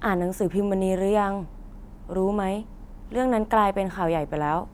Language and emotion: Thai, neutral